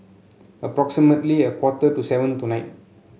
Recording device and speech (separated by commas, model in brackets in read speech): mobile phone (Samsung C7), read sentence